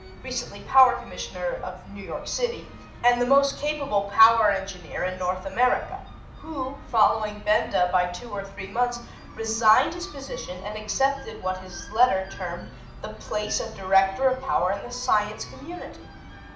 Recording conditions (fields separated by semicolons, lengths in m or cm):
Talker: one person; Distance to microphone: 2.0 m; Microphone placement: close; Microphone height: 99 cm; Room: medium-sized (5.7 m by 4.0 m); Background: music